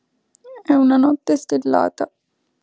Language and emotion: Italian, sad